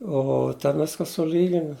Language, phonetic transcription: Lithuanian, ˈo ten ˈviska suˈlyginu

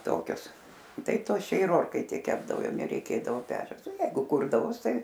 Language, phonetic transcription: Lithuanian, ˈtokius ˈtai ˈtuos čia ir ˈorkaitėj ˈkepdavo ˈjau nereiˈkėdavo ˈpečiaus o ˈjeigu ˈkurdavos ˈtai

